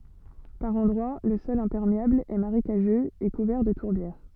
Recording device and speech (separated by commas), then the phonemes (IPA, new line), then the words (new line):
soft in-ear microphone, read sentence
paʁ ɑ̃dʁwa lə sɔl ɛ̃pɛʁmeabl ɛ maʁekaʒøz e kuvɛʁ də tuʁbjɛʁ
Par endroits le sol imperméable est marécageux et couvert de tourbières.